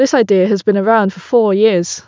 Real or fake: real